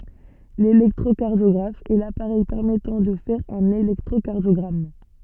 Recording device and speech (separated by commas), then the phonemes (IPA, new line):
soft in-ear microphone, read sentence
lelɛktʁokaʁdjɔɡʁaf ɛ lapaʁɛj pɛʁmɛtɑ̃ də fɛʁ œ̃n elɛktʁokaʁdjɔɡʁam